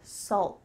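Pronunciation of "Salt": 'Salt' ends in a stopped T sound, so no full T is heard at the end.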